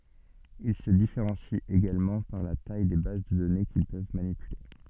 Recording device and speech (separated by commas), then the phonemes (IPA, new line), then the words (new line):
soft in-ear microphone, read sentence
il sə difeʁɑ̃sit eɡalmɑ̃ paʁ la taj de baz də dɔne kil pøv manipyle
Ils se différencient également par la taille des bases de données qu'ils peuvent manipuler.